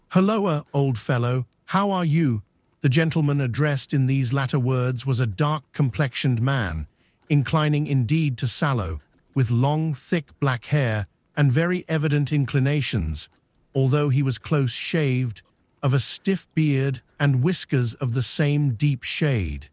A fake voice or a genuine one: fake